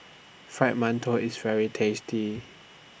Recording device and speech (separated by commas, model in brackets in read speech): boundary microphone (BM630), read sentence